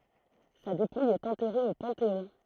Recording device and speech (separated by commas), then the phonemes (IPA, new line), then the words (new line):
throat microphone, read sentence
sa depuj ɛt ɑ̃tɛʁe o pɑ̃teɔ̃
Sa dépouille est enterrée au Panthéon.